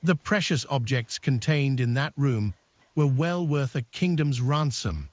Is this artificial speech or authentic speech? artificial